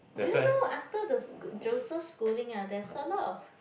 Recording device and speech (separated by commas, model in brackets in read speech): boundary microphone, conversation in the same room